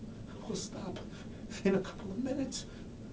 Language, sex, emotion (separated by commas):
English, male, fearful